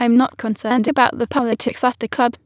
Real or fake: fake